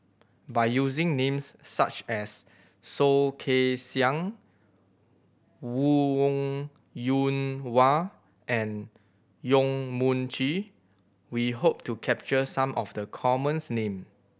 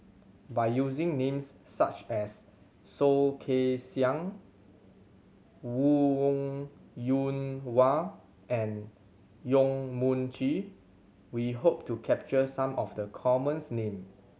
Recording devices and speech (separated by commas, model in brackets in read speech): boundary microphone (BM630), mobile phone (Samsung C7100), read sentence